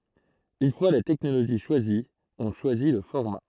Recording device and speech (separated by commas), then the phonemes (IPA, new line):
throat microphone, read sentence
yn fwa la tɛknoloʒi ʃwazi ɔ̃ ʃwazi lə fɔʁma